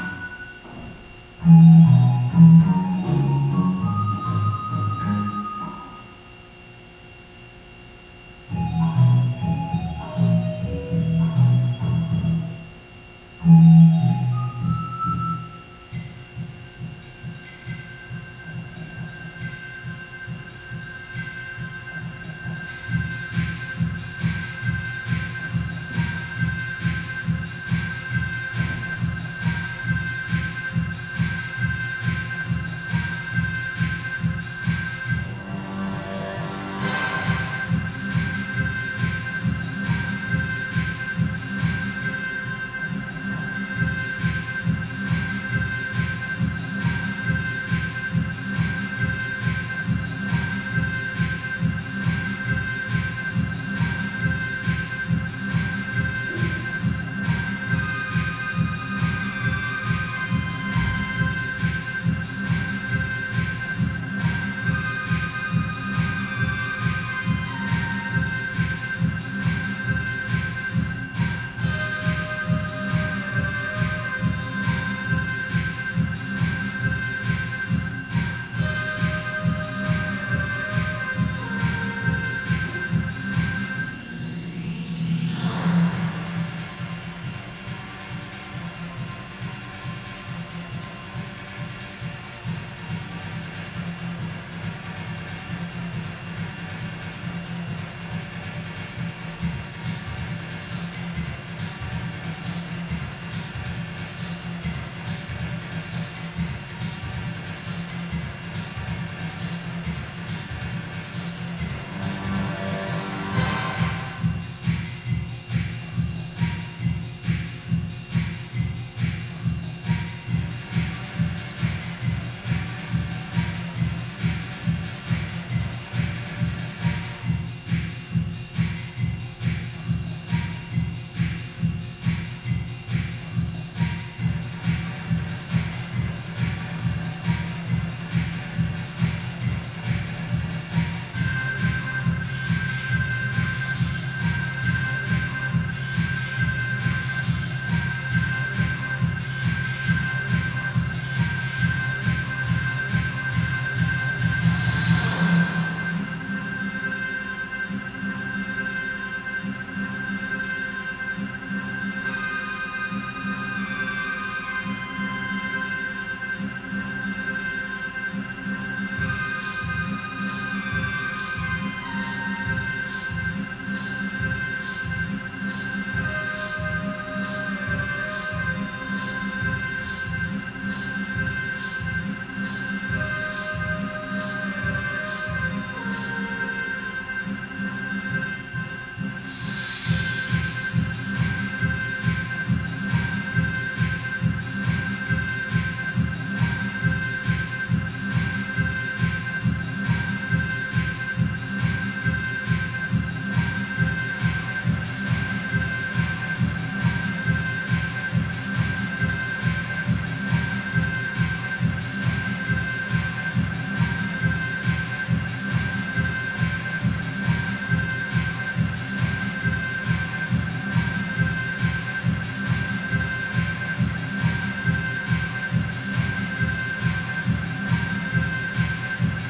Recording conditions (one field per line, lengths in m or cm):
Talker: no one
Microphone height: 1.0 m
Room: very reverberant, large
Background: music